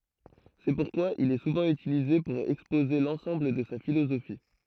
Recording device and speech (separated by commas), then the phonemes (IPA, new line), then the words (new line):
throat microphone, read sentence
sɛ puʁkwa il ɛ suvɑ̃ ytilize puʁ ɛkspoze lɑ̃sɑ̃bl də sa filozofi
C'est pourquoi il est souvent utilisé pour exposer l'ensemble de sa philosophie.